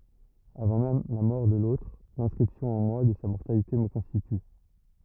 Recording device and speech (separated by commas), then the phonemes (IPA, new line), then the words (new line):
rigid in-ear microphone, read sentence
avɑ̃ mɛm la mɔʁ də lotʁ lɛ̃skʁipsjɔ̃ ɑ̃ mwa də sa mɔʁtalite mə kɔ̃stity
Avant même la mort de l'autre, l'inscription en moi de sa mortalité me constitue.